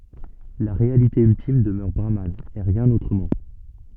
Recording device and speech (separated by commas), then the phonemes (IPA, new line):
soft in-ear microphone, read sentence
la ʁealite yltim dəmœʁ bʁaman e ʁjɛ̃n otʁəmɑ̃